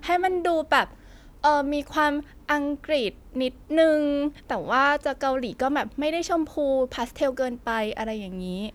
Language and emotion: Thai, happy